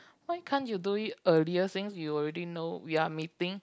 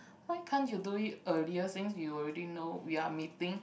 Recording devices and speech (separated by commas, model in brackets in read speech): close-talking microphone, boundary microphone, conversation in the same room